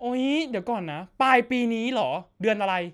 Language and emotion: Thai, happy